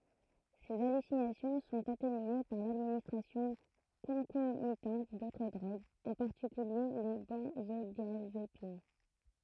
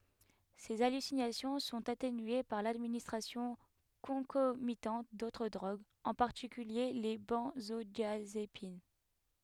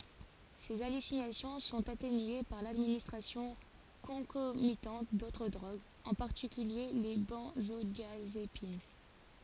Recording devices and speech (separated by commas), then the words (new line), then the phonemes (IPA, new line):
throat microphone, headset microphone, forehead accelerometer, read sentence
Ces hallucinations sont atténuées par l'administration concomitante d'autres drogues, en particulier les benzodiazépines.
se alysinasjɔ̃ sɔ̃t atenye paʁ ladministʁasjɔ̃ kɔ̃komitɑ̃t dotʁ dʁoɡz ɑ̃ paʁtikylje le bɑ̃zodjazepin